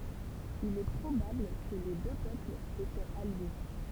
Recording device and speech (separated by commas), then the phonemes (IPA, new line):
temple vibration pickup, read sentence
il ɛ pʁobabl kə le dø pøplz etɛt alje